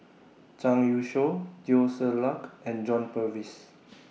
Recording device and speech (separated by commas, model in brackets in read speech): mobile phone (iPhone 6), read sentence